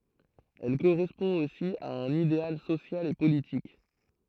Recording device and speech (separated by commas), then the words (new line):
throat microphone, read sentence
Elle correspond aussi à un idéal social et politique.